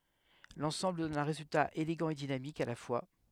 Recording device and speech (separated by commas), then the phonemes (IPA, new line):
headset microphone, read sentence
lɑ̃sɑ̃bl dɔn œ̃ ʁezylta eleɡɑ̃ e dinamik a la fwa